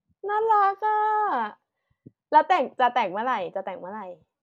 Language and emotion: Thai, happy